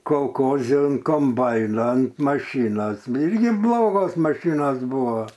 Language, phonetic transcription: Lithuanian, kolˈkozi an komˈbaina ant maˈšynos ˈirgi ˈblogos maˈšynos ˈbuva

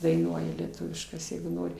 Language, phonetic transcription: Lithuanian, daiˈnuoja lieˈtuviškas jeigu ˈnori

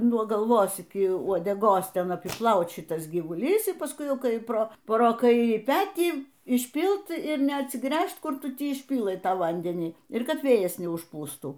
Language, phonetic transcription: Lithuanian, nuo galˈvos iki uodeˈgos ˈten apiˈplaut ˈšitas gyvuˈlys y pasˈkui ˈkai ˈpro pro ˈkairį ˈpetį išˈpylt ir neatsiˈgręžt ˈkur ˈtu ˈti išˈpylɘ ˈtą ˈvandenį ir ˈkad ˈvėjas neužˈpūstų

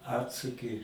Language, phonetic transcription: Lithuanian, ˈatsuki

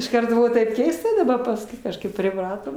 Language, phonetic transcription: Lithuanian, išˈkart ˈbuvo taip ˈkeista daˈba pasˈkui kažˈkaip priˈpratom

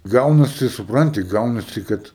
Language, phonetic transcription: Lithuanian, ˈgaunasi supˈranti ˈgaunasi ˈkad

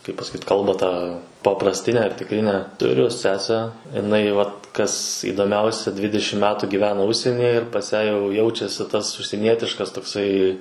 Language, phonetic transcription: Lithuanian, kaip pasaˈkyt ˈkalbą tą paprasˈtinę ar tikˈrinę tuˈriu ˈsesę iˈnai vat kas įdoˈmiausia ˈdvidešim ˈmetų gyˈvena ˈužsienyje ir pas ˈją jau ˈjaučiasi tas užsieˈnietiškas tokˈsai

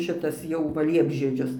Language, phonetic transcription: Lithuanian, ˈšitas jau ˈva ˈliepžiedžius

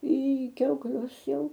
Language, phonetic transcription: Lithuanian, į kiaukˈlius ˈjau

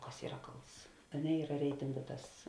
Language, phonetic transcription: Lithuanian, ˈkas ˈyra ˈkalts a ˈne ˈyra ˈreitingu ˈtas

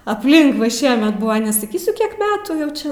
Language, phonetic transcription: Lithuanian, apˈlink va ˈšiemet ˈbuva nesaˈkysiu ˈkiek ˈmetų jau ˈčia

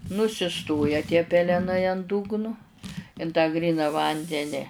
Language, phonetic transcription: Lithuanian, nusiˈstoja tie peleˈnai an ˈdugnu in tą ˈgryna ˈvandeni

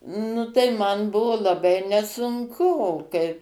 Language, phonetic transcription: Lithuanian, ˈnu tai ˈman ˈbuvo laˈbai nesunˈku o ˈkai

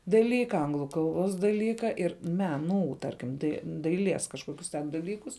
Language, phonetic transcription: Lithuanian, daˈlyka ˈanglu ˈkalˌbos daˈlyka ˈir ˈmeˌnų ˈtarkim dai daiˈlies kažˈkokius ten daˈlykus

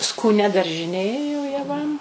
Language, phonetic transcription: Lithuanian, skūˈnia daržiˈnė jo jaˈvam

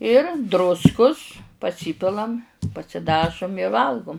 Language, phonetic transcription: Lithuanian, ir ˈdruskus paˈsypilam pasiˈdažum i ˈvalgum

